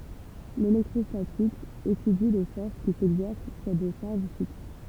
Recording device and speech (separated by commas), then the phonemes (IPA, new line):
temple vibration pickup, read sentence
lelɛktʁɔstatik etydi le fɔʁs ki sɛɡzɛʁs syʁ de ʃaʁʒ fiks